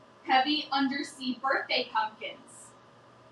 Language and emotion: English, angry